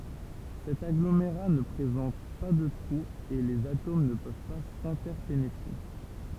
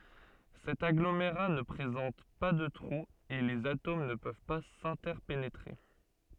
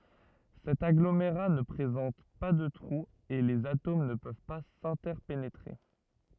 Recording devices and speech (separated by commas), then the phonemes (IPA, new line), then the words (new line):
temple vibration pickup, soft in-ear microphone, rigid in-ear microphone, read sentence
sɛt aɡlomeʁa nə pʁezɑ̃t pa də tʁuz e lez atom nə pøv pa sɛ̃tɛʁpenetʁe
Cet agglomérat ne présente pas de trous et les atomes ne peuvent pas s’interpénétrer.